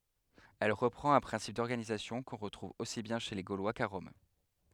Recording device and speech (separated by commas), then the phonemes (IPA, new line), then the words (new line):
headset microphone, read sentence
ɛl ʁəpʁɑ̃t œ̃ pʁɛ̃sip dɔʁɡanizasjɔ̃ kɔ̃ ʁətʁuv osi bjɛ̃ ʃe le ɡolwa ka ʁɔm
Elle reprend un principe d'organisation qu'on retrouve aussi bien chez les Gaulois qu'à Rome.